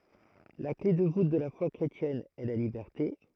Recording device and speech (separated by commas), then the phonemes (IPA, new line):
throat microphone, read sentence
la kle də vut də la fwa kʁetjɛn ɛ la libɛʁte